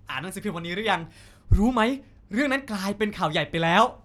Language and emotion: Thai, happy